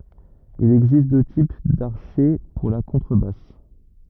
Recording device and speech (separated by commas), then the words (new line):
rigid in-ear microphone, read sentence
Il existe deux types d'archet pour la contrebasse.